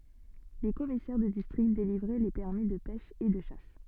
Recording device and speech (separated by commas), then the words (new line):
soft in-ear microphone, read sentence
Les commissaires de District délivraient les permis de pêche et de chasse.